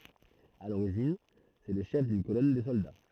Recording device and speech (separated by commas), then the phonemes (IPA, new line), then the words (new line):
throat microphone, read sentence
a loʁiʒin sɛ lə ʃɛf dyn kolɔn də sɔlda
À l'origine c'est le chef d'une colonne de soldats.